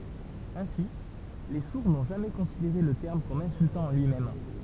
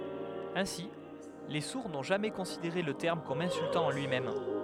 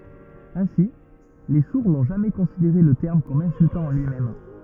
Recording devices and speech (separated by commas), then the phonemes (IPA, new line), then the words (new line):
temple vibration pickup, headset microphone, rigid in-ear microphone, read sentence
ɛ̃si le suʁ nɔ̃ ʒamɛ kɔ̃sideʁe lə tɛʁm kɔm ɛ̃syltɑ̃ ɑ̃ lyimɛm
Ainsi, les sourds n’ont jamais considéré le terme comme insultant en lui-même.